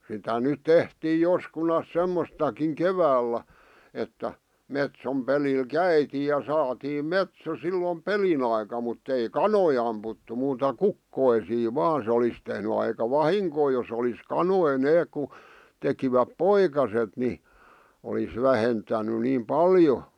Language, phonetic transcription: Finnish, sitä nyᵗ 'tehtii 'joskunas 'semmostakiŋ "keväällä , että , 'metsom 'pelil "käitiij ja 'saatiim "metso sillom "pelin ‿aika mutt ‿ei "kanoi amputtu muuta "kukkoisii 'vaan se olis tehny aika "vahiŋkoo jos ‿olis "kanoi 'neeᵏ ku , 'tekiväp "poikaset ni , olis 'vähentäny 'niim "paljo .
- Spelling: sitä nyt tehtiin joskunansa semmoistakin keväällä että metson pelillä käytiin ja saatiin metso silloin pelin aikana mutta ei kanoja ammuttu muuta kukkoja vain se olisi tehnyt aika vahinkoa jos olisi kanoja ne kun tekivät poikaset niin olisi vähentänyt niin paljon

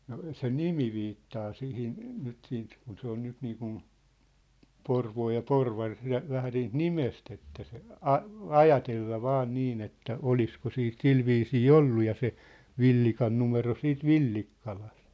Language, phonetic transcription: Finnish, no , se "nimi viittaa 'sihin , nyt siint , kun se ‿on 'nyt 'niikun , "Porvoo ja "Porvar , lä- , vähä niit "nimest ‿että se , "a- , "ajatella 'vaa 'niin ‿että , "olisko 'siit "silviisii "ollu ja se , 'Villikan numero siit "Villikkalᴀst .
- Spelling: no se nimi viittaa siihen nyt siitä kun se on nyt niin kuin Porvoo ja Porvari - vähän niitä nimestä että se - ajatella vain niin että olisiko sitten sillä viisiin ollut ja se Villikan numero siitä Villikkalasta

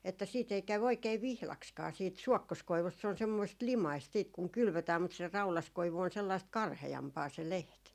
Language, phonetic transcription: Finnish, että siit ‿ei 'käw oikee "vihlakskaa siit "suɔkkoskoivust se on semmoist "limaist siit kuŋ 'kylvötääm mut se "raulaskoivu on sellaist 'karhe₍ampaa se "leht .
- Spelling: että siitä ei käy oikein vihdaksikaan siitä suokkoskoivusta se on semmoista limaista sitten kun kylvetään mutta se raudaskoivu on sellaista karheampaa se lehti

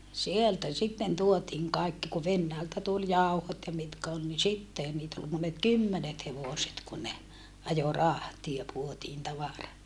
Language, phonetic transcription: Finnish, sieltä sitten tuotiiŋ kaikki ku Vennäältä tul jàuhot ja mitkä ol ni sittehän niit ‿ol monet kymmenet hevòset kun ne , ajo rahtia puotiin tavara .
- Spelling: sieltä sitten tuotiin kaikki kun Venäjältä tuli jauhot ja mitkä oli niin sittenhän niitä oli monet kymmenet hevoset kun ne ajoi rahtia puotiin tavara

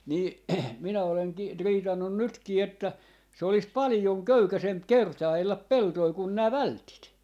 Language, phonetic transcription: Finnish, nii , 'minä oleŋki , 'riitannun "nytkii että 'se ‿olis "palⁱjoŋ "köykäsemp "kerta₍ellap "peltoi kun nää "vältit .
- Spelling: niin minä olenkin riitannut nytkin että se olisi paljon köykäisempi kertailla peltoja kuin nämä vältit

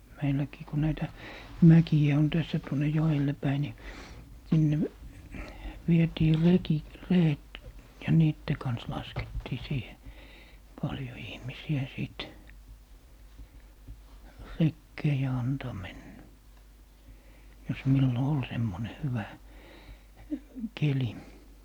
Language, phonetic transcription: Finnish, 'meilläkii ku 'näitä , "mäki₍ä on 'tässä tuoǹe "jo₍elle 'päi ni , 'sinne , 'vietii 'reki , "ree₍et , ja "niitte kans 'laskettii 'siihe , "paljo 'ihmisi₍ä 'sìt , 'rekkee ja 'antò 'mennä , jos 'millo "ol 'semmone 'hyvä , 'keli .
- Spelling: meilläkin kun näitä mäkiä on tässä tuonne joelle päin niin sinne vietiin reki reet ja niiden kanssa laskettiin siihen paljon ihmisiä sitten rekeen ja antoi mennä jos milloin oli semmoinen hyvä keli

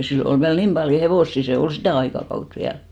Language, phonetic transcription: Finnish, 'sillo ol 'viäl "nim paljo 'hevòssi , 'see ol "sitä̀ 'aikakaut 'viäl .
- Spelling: silloin oli vielä niin paljon hevosia se oli sitä aikakautta vielä

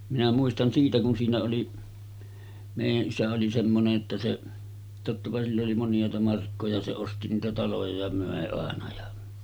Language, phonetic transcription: Finnish, minä muistan 'siitä kun siinä oli , 'mèijä’ '’isä oli semmone’ ’että 'se , tottapa sill ‿oli 'monj̀àeta 'markkoja se 'osti niitä 'taloja ja 'mö̀e àena ja ,.
- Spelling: minä muistan siitä kun siinä oli meidän isä oli semmoinen että se tottapa sillä oli moniaita markkoja se osti niitä taloja ja myi aina ja

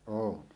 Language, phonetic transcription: Finnish, 'oon .
- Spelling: olen

